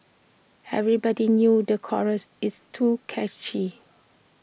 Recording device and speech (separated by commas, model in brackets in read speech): boundary microphone (BM630), read sentence